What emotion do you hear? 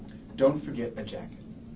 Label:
neutral